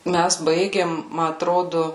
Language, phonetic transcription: Lithuanian, ˈmæs ˈbaigėm ˈma atˈrodu

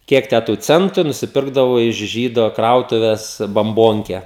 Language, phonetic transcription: Lithuanian, ˈkiek tæ tu ˈcentu i nusiˈpirkdavo iš ˈžydo ˈkrautuves bamˈbonke

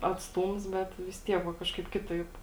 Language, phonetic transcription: Lithuanian, atsˈtūms ˈbet vis ˈtiek va ˈkažkaip ˈkitaip

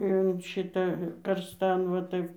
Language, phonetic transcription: Lithuanian, in ˈšita karsˈtan va ˈtaip

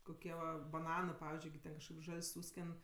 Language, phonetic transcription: Lithuanian, koˈkie va baˈnanɜ ˈpavizdžiui gi ˈten kažkaip ˈžal's' ˈsūsken

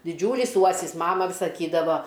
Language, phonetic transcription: Lithuanian, diˈdžiūlys ˈuosis ˈmama vi saˈkydavo

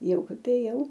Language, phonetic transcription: Lithuanian, ˈjau ˈkap ėˈjau

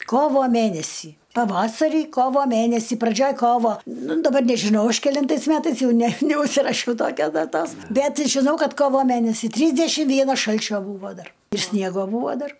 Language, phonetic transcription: Lithuanian, ˈkovo ˈmænesį paˈvasarį ˈkovo ˈmænesį praˈdžioj ˈkovo ˈnu daˈbar nežiˈnau ˈaš keˈlintais ˈmetais ˈjau ˈne neužsiraˈšiau ˈtokios daˈtos ˈbet žiˈnau ˈkad ˈkovo ˈmænesi ˈtrysdešim ˈvienas ˈšalčio ˈbūvo ˈdar ir ˈsniego ˈbūvo ˈdar

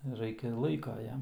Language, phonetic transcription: Lithuanian, ˈraikia ir ˈlaika ˈjam

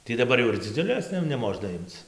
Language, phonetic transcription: Lithuanian, tį daˈbar jau ir dziˈdziulės tai jau neˈmožna ˈimc

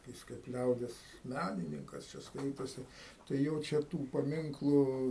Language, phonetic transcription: Lithuanian, ˈjis kaip ˈliaudies ˈmænininkas ˈčia ˈskaitosi tai ˈjo čia ˈtų paˈminklu

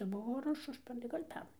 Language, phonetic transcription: Lithuanian, ˈbuvo ar ˈuž ˈužpernai ˈgal' ˈpernai

